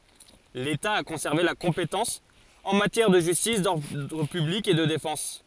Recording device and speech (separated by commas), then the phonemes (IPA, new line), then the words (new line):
forehead accelerometer, read sentence
leta a kɔ̃sɛʁve la kɔ̃petɑ̃s ɑ̃ matjɛʁ də ʒystis dɔʁdʁ pyblik e də defɑ̃s
L'État a conservé la compétence en matière de justice, d'ordre public et de défense.